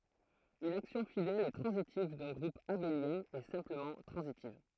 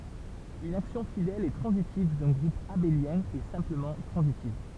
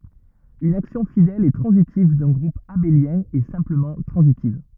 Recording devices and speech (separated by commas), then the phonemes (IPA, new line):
throat microphone, temple vibration pickup, rigid in-ear microphone, read sentence
yn aksjɔ̃ fidɛl e tʁɑ̃zitiv dœ̃ ɡʁup abeljɛ̃ ɛ sɛ̃pləmɑ̃ tʁɑ̃zitiv